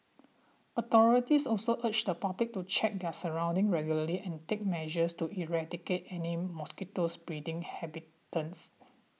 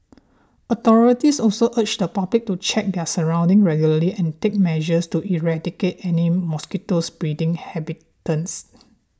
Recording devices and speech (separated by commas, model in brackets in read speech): mobile phone (iPhone 6), standing microphone (AKG C214), read sentence